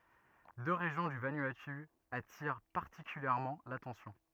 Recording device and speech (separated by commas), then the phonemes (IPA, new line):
rigid in-ear microphone, read sentence
dø ʁeʒjɔ̃ dy vanuatu atiʁ paʁtikyljɛʁmɑ̃ latɑ̃sjɔ̃